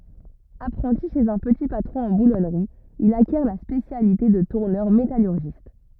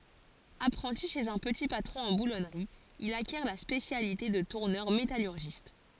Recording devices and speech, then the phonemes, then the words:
rigid in-ear microphone, forehead accelerometer, read sentence
apʁɑ̃ti ʃez œ̃ pəti patʁɔ̃ ɑ̃ bulɔnʁi il akjɛʁ la spesjalite də tuʁnœʁ metalyʁʒist
Apprenti chez un petit patron en boulonnerie, il acquiert la spécialité de tourneur métallurgiste.

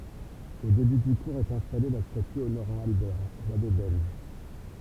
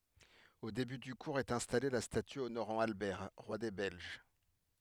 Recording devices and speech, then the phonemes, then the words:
temple vibration pickup, headset microphone, read sentence
o deby dy kuʁz ɛt ɛ̃stale la staty onoʁɑ̃ albɛʁ ʁwa de bɛlʒ
Au début du cours est installée la statue honorant Albert, roi des Belges.

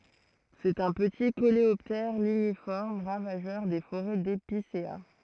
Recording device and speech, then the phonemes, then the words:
throat microphone, read sentence
sɛt œ̃ pəti koleɔptɛʁ liɲifɔʁm ʁavaʒœʁ de foʁɛ depisea
C'est un petit coléoptère ligniforme ravageur des forêts d'épicéas.

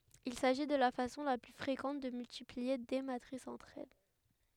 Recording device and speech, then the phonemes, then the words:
headset microphone, read sentence
il saʒi də la fasɔ̃ la ply fʁekɑ̃t də myltiplie de matʁisz ɑ̃tʁ ɛl
Il s'agit de la façon la plus fréquente de multiplier des matrices entre elles.

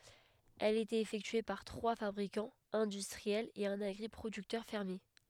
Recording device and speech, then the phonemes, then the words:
headset microphone, read sentence
ɛl etɛt efɛktye paʁ tʁwa fabʁikɑ̃z ɛ̃dystʁiɛlz e œ̃n aɡʁipʁodyktœʁ fɛʁmje
Elle était effectuée par trois fabricants industriels et un agri-producteur fermier.

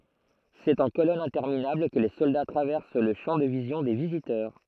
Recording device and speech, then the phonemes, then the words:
throat microphone, read sentence
sɛt ɑ̃ kolɔnz ɛ̃tɛʁminabl kə le sɔlda tʁavɛʁs lə ʃɑ̃ də vizjɔ̃ de vizitœʁ
C'est en colonnes interminables que les soldats traversent le champ de vision des visiteurs.

